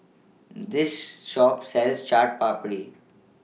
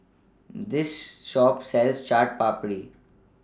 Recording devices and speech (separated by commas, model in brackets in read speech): mobile phone (iPhone 6), standing microphone (AKG C214), read sentence